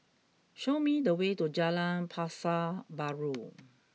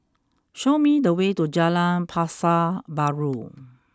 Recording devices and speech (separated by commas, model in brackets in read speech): mobile phone (iPhone 6), close-talking microphone (WH20), read sentence